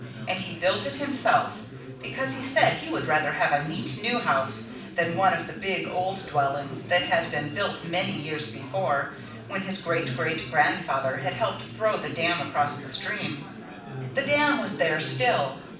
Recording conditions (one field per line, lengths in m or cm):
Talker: one person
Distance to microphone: 5.8 m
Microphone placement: far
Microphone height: 1.8 m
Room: medium-sized (5.7 m by 4.0 m)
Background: babble